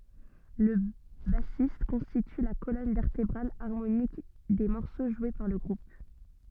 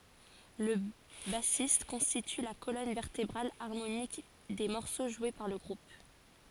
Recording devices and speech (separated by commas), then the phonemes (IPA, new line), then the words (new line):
soft in-ear microphone, forehead accelerometer, read sentence
lə basist kɔ̃stity la kolɔn vɛʁtebʁal aʁmonik de mɔʁso ʒwe paʁ lə ɡʁup
Le bassiste constitue la colonne vertébrale harmonique des morceaux joués par le groupe.